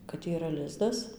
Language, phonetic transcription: Lithuanian, kad yˈra ˈlizdas

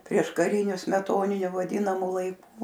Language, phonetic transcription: Lithuanian, prieškaˈriniu smeˈtoniniu vaˈdynamu laiˈku

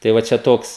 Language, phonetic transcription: Lithuanian, tai ˈva ˈčia ˈtoks

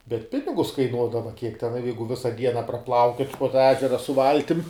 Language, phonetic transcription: Lithuanian, bet ˈpinigus kaiˈnuodava kiek ten a ˈjeigu ˈvisa ˈdiena praˈplaukiot' po tą ˈežera su ˈvaltim

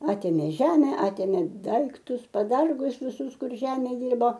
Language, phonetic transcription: Lithuanian, ˈatėmė ˈžeme ˈatėmė ˈdaiktus paˈdargus viˈsus ˈkur ˈžeme ˈdirbo

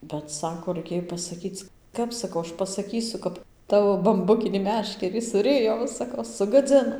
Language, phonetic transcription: Lithuanian, bet ˈsako raiˈkėj pasaˈkyc ˈkap saˈkau ˈaš pasaˈkysu ˈkap ˈtavo bamˈbukinį ˈmeškerį suˈrijo ˈva saˈkau sugaˈdzino

